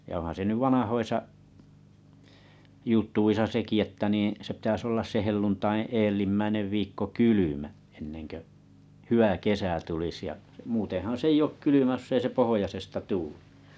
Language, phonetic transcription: Finnish, ja ohan se 'nyv 'vanahoisa’ 'jut̆tuisa seki että niiḭ , se pitäs ollas se 'helluntaiḭ 'eellimmäinev viikko "kylymä , enneŋkö’ , 'hyʷä 'kesä tulis ja’ , 'muutehan se ei' ʲ ‿òk 'kylymä josˢ ‿ei se 'pohojasesta 'tuu(ʟᴇ) .
- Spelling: ja onhan se nyt vanhoissa jutuissa sekin että niin se pitäisi olla se helluntain edellimmäinen viikko kylmä ennen kuin hyvä kesä tulisi ja muutenhan se ei ole kylmä jos ei se pohjoisesta tuule

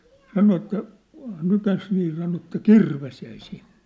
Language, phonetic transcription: Finnish, 'sano että , 'nykäs nii sano että "kirves jäi 'sinɴᴇ !
- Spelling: sanoi että nykäisi niin sanoi että kirves jäi sinne

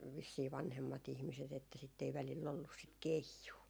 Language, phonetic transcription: Finnish, 'vissii 'vanhemma't ‿ihmiset että sitt ‿ei välill ‿ollus sit "keijuu .
- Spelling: vissiin vanhemmat ihmiset että sitten ei välillä ollut sitä keijua

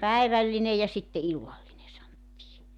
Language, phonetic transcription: Finnish, "päivällinej ja sitte 'illalline santtii .
- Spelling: päivällinen ja sitten illallinen sanottiin

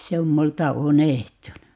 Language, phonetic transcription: Finnish, 'se om 'multa "unehtunu .
- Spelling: se on minulta unohtunut

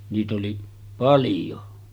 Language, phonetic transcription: Finnish, niit ‿oli 'paljo .
- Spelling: niitä oli paljon

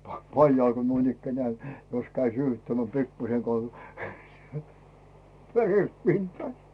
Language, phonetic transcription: Finnish, 'paljail ko nuinikkänᵉä̀ , jos käi 'syyhyttämmᵉä̀ 'pikkuseŋkoà "veret 'pintaa .
- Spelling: paljailla kun noinikään jos kävi syyhyttämään pikkuisenkaan veret pintaan

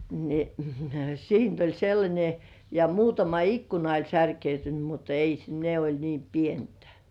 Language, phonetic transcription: Finnish, ni , siint ‿oĺ sellańe ja 'muutama "ikkuna oĺ särkeytyny mut ‿ei s- , ne oĺ niim 'pientᴀ̈ .
- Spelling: niin siitä oli sellainen ja muutama ikkuna oli särkynyt mutta ei - ne oli niin pientä

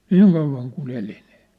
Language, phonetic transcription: Finnish, niiŋ kauv̆vaŋ ku'n ‿eli nɪɪ ,.
- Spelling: niin kauan kuin eli niin

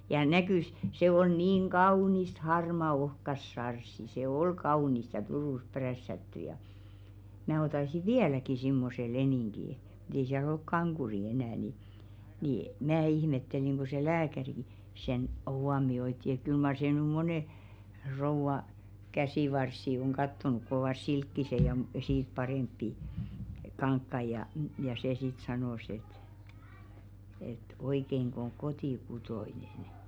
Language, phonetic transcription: Finnish, ja 'näkỳs , 'se ol niiŋ "ɢaunist 'harma ohkas 'sarssi se "ol 'kaunist ja 'Turùs prässätty ja , mää 'otasi "viäläki simmose 'lenìŋɢi , mᴜ't ‿ei siäl ‿olk 'kaŋɢuri enä̀ ni , ni , 'mää 'ihmetteliŋ ɢo se "lääkäriᵏⁱ , sen 'huomi₍oitti et kyl mar sè nỳ 'monè , 'rouva , 'käsìvarssi oŋ 'ɢattonuk kŏ ‿ovàs "silkkise ja m- , siit 'parèmppi , 'kaŋkkai ja , ja sè sit 'sanòs ‿et , et » 'oikeiŋkᵒ ‿oŋ "koti'kutoinen « .
- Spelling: ja näkyi se oli niin kaunista harmaata ohkaista sarssia se oli kaunista ja Turussa prässätty ja minä ottaisin vieläkin semmoisen leningin mutta ei siellä ole kankuria enää niin niin minä ihmettelin kun se lääkäri sen huomioi että kyllä mar se nyt monen rouvan käsivarsia on katsonut kun ovat silkkiset ja - siitä parempia kankaita ja ja se sitten sanoi että että oikeinko on kotikutoinen

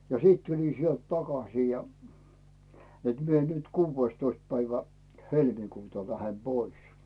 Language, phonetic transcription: Finnish, ja 'siit 'tulin̬ sielt "takasii ja , net 'mie nyt "kuuvveⁱstoist 'päivä , "helmikuuta 'lähem "Bois .
- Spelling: ja sitten tulin sieltä takaisin ja että minä nyt kuudestoista päivä helmikuuta lähden pois

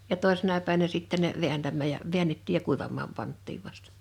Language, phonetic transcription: Finnish, ja 'tòi̬sena pä̀e(vä)nä 'sittä ne , 'viäntämmääj ja , 'viännettiij ja 'kuivam̆maam 'panttiiv vastᴀ .
- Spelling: ja toisena päivänä sitten ne vääntämään ja väännettiin ja kuivamaan pantiin vasta

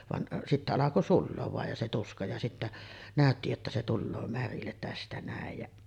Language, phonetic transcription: Finnish, van , sittä alako "sulloov vàej ja se 'tuska ja sittä , 'nä̀ötti jotta se 'tulloo 'märillet 'tästä nä̀ej jäˀ ,.
- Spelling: vaan sitten alkoi sulaa vain ja se tuska ja sitten näytti jotta se tulee märille tästä näin ja

